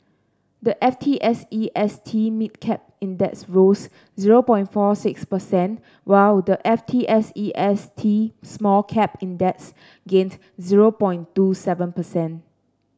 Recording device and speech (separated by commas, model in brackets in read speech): standing microphone (AKG C214), read sentence